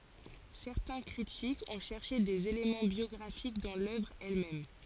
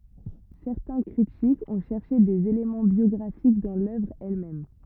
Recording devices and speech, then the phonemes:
forehead accelerometer, rigid in-ear microphone, read sentence
sɛʁtɛ̃ kʁitikz ɔ̃ ʃɛʁʃe dez elemɑ̃ bjɔɡʁafik dɑ̃ lœvʁ ɛl mɛm

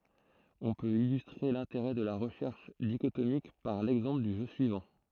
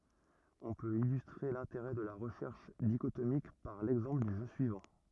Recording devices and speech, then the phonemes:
throat microphone, rigid in-ear microphone, read sentence
ɔ̃ pøt ilystʁe lɛ̃teʁɛ də la ʁəʃɛʁʃ diʃotomik paʁ lɛɡzɑ̃pl dy ʒø syivɑ̃

